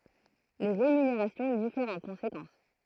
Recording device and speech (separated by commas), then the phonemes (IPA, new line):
throat microphone, read sentence
le ʁemyneʁasjɔ̃ difɛʁt ɑ̃ kɔ̃sekɑ̃s